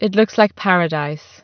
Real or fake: real